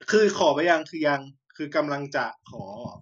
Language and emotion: Thai, frustrated